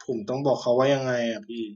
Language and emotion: Thai, frustrated